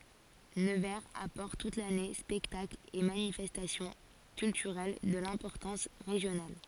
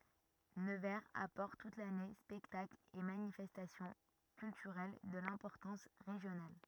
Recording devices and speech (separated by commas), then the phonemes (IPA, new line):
forehead accelerometer, rigid in-ear microphone, read sentence
nəvɛʁz apɔʁt tut lane spɛktaklz e manifɛstasjɔ̃ kyltyʁɛl də lɛ̃pɔʁtɑ̃s ʁeʒjonal